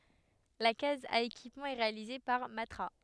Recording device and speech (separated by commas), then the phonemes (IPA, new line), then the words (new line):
headset microphone, read sentence
la kaz a ekipmɑ̃ ɛ ʁealize paʁ matʁa
La case à équipement est réalisée par Matra.